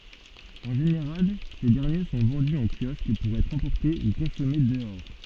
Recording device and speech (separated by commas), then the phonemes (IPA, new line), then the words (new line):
soft in-ear microphone, read sentence
ɑ̃ ʒeneʁal se dɛʁnje sɔ̃ vɑ̃dy ɑ̃ kjɔsk puʁ ɛtʁ ɑ̃pɔʁte u kɔ̃sɔme dəɔʁ
En général, ces derniers sont vendus en kiosque pour être emportés ou consommés dehors.